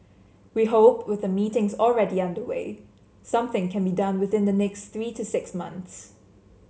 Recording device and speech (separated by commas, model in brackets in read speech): mobile phone (Samsung C7), read sentence